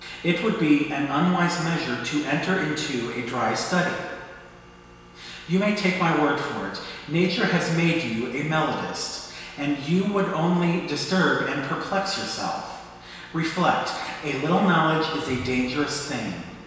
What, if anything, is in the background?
Nothing.